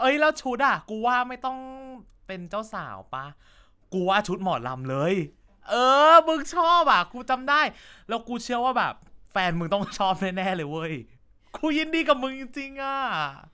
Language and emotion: Thai, happy